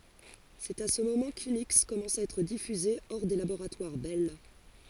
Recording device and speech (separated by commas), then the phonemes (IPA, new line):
forehead accelerometer, read sentence
sɛt a sə momɑ̃ kyniks kɔmɑ̃sa a ɛtʁ difyze ɔʁ de laboʁatwaʁ bɛl